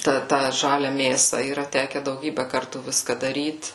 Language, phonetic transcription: Lithuanian, ˈtą ˈtą ˈžalia ˈmėsa yˈra ˈteke dauˈgybe ˈkartų ˈviska daˈryt

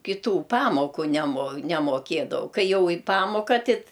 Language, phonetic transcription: Lithuanian, kiˈtų ˈpamoku nemo nemoˈkėdavau ˈkai ˈjau i ˈpamoka ˈtit

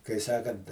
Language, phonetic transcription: Lithuanian, kai ˈsakant

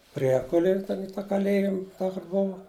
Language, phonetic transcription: Lithuanian, ˈpriekulėj ten i tą kaˈlėjim ˈtą kur ˈbova

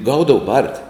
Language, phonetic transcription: Lithuanian, ˈgaudavu ˈbarti

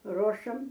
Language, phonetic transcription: Lithuanian, ˈrošam

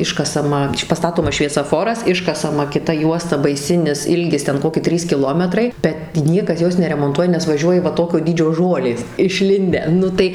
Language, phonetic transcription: Lithuanian, ˈiškasama paˈstatomas šviesaˈforas ˈiškasama kiˈta ˈjuosta baiˈsinis ˈilgis ˈten ˈkoki ˈtrys kiˈlometrai bet ˈniekas ˈjos neremonˈtuoja nes vaˈžiuoji va ˈtokio ˈdydžio ˈžolės išˈlindę ˈnu tai

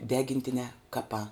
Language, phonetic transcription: Lithuanian, ˈdegintinē ˈkapā

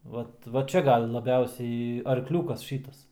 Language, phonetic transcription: Lithuanian, ˈvat va ˈčia ˈgal laˈbiausiai arkˈliūkas ˈšytas

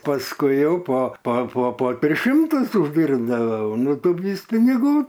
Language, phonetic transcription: Lithuanian, pasˈkui ˈjau po po po po ˈtris ˈšimtus užˈdyrbdavau ˈnu ˈtu ˈvys piniˈgų

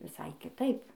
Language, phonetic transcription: Lithuanian, viˈsai kiˈtaip

